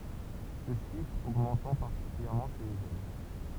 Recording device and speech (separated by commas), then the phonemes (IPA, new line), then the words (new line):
temple vibration pickup, read sentence
sə ʃifʁ oɡmɑ̃tɑ̃ paʁtikyljɛʁmɑ̃ ʃe le ʒøn
Ce chiffre augmentant particulièrement chez les jeunes.